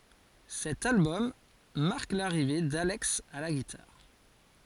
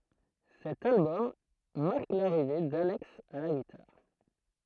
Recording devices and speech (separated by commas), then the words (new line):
forehead accelerometer, throat microphone, read sentence
Cet album marque l'arrivée d'Alex à la guitare.